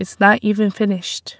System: none